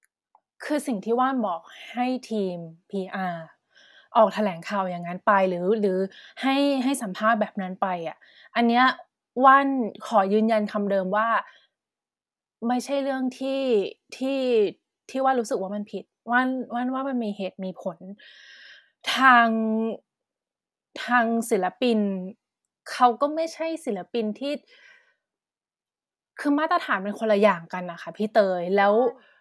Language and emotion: Thai, frustrated